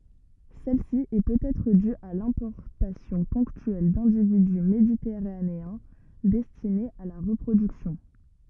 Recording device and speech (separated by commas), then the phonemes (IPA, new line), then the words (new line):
rigid in-ear microphone, read sentence
sɛlsi ɛ pøtɛtʁ dy a lɛ̃pɔʁtasjɔ̃ pɔ̃ktyɛl dɛ̃dividy meditɛʁaneɛ̃ dɛstinez a la ʁəpʁodyksjɔ̃
Celle-ci est peut-être due à l'importation ponctuelle d'individus méditerranéens, destinés à la reproduction.